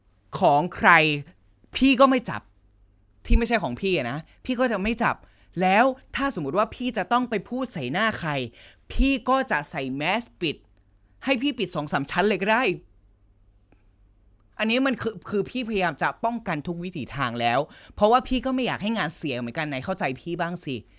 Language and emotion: Thai, frustrated